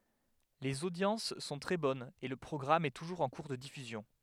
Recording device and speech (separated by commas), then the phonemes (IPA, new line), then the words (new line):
headset microphone, read sentence
lez odjɑ̃s sɔ̃ tʁɛ bɔnz e lə pʁɔɡʁam ɛ tuʒuʁz ɑ̃ kuʁ də difyzjɔ̃
Les audiences sont très bonnes et le programme est toujours en cours de diffusion.